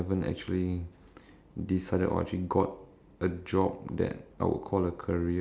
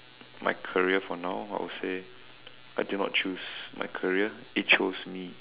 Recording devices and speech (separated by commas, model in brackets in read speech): standing microphone, telephone, conversation in separate rooms